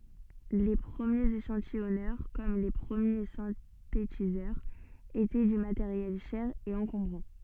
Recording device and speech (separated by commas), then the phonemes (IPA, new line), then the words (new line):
soft in-ear microphone, read sentence
le pʁəmjez eʃɑ̃tijɔnœʁ kɔm le pʁəmje sɛ̃tetizœʁz etɛ dy mateʁjɛl ʃɛʁ e ɑ̃kɔ̃bʁɑ̃
Les premiers échantillonneurs, comme les premiers synthétiseurs, étaient du matériel cher et encombrant.